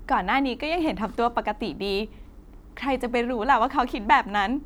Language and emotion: Thai, happy